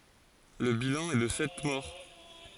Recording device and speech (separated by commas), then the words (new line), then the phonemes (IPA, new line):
forehead accelerometer, read sentence
Le bilan est de sept morts.
lə bilɑ̃ ɛ də sɛt mɔʁ